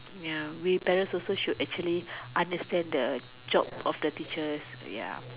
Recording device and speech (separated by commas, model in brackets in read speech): telephone, conversation in separate rooms